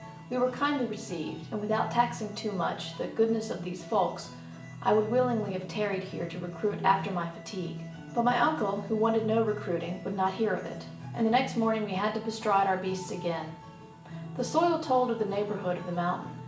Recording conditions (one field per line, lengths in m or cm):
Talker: one person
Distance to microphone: 1.8 m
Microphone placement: close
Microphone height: 1.0 m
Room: large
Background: music